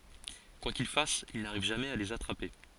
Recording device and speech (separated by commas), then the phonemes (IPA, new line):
forehead accelerometer, read sentence
kwa kil fas il naʁiv ʒamɛz a lez atʁape